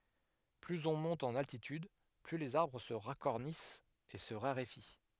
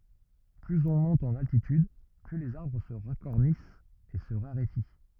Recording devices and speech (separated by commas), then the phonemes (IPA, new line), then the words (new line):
headset microphone, rigid in-ear microphone, read sentence
plyz ɔ̃ mɔ̃t ɑ̃n altityd ply lez aʁbʁ sə ʁakɔʁnist e sə ʁaʁefi
Plus on monte en altitude, plus les arbres se racornissent et se raréfient.